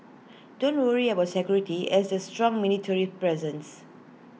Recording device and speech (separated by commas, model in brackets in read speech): mobile phone (iPhone 6), read sentence